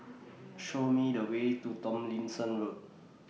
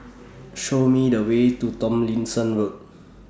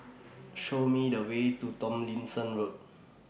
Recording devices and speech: mobile phone (iPhone 6), standing microphone (AKG C214), boundary microphone (BM630), read sentence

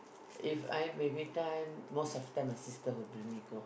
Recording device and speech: boundary microphone, conversation in the same room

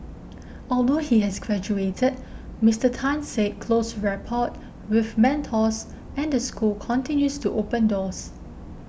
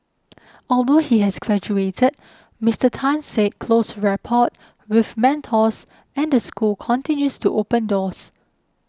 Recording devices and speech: boundary microphone (BM630), close-talking microphone (WH20), read sentence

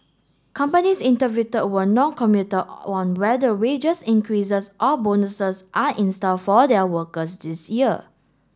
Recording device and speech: standing microphone (AKG C214), read sentence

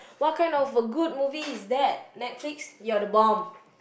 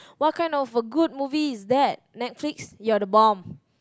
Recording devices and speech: boundary microphone, close-talking microphone, conversation in the same room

